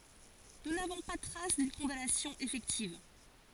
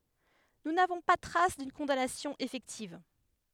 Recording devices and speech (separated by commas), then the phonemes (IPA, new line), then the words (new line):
forehead accelerometer, headset microphone, read sentence
nu navɔ̃ pa tʁas dyn kɔ̃danasjɔ̃ efɛktiv
Nous n'avons pas trace d'une condamnation effective.